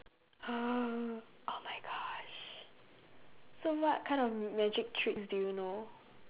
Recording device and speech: telephone, conversation in separate rooms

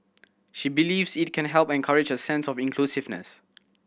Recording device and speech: boundary microphone (BM630), read sentence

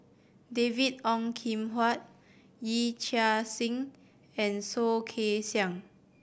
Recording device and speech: boundary microphone (BM630), read sentence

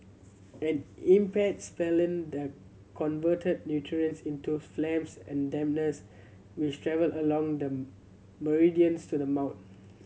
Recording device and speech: mobile phone (Samsung C7100), read sentence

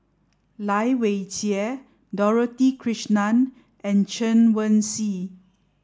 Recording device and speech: standing microphone (AKG C214), read sentence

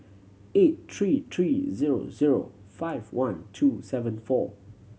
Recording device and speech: mobile phone (Samsung C7100), read sentence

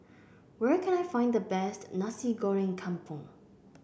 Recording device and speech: boundary microphone (BM630), read sentence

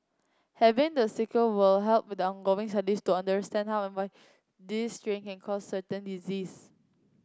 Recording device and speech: close-talking microphone (WH30), read sentence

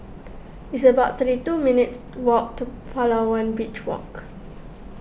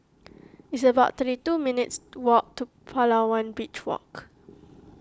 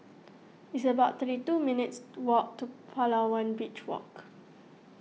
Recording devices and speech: boundary microphone (BM630), close-talking microphone (WH20), mobile phone (iPhone 6), read sentence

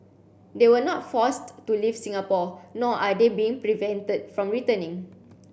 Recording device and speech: boundary microphone (BM630), read sentence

